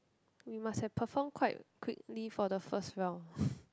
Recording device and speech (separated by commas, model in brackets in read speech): close-talking microphone, conversation in the same room